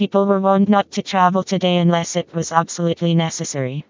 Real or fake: fake